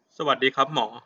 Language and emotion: Thai, neutral